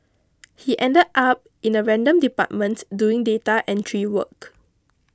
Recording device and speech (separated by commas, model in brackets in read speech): close-talking microphone (WH20), read sentence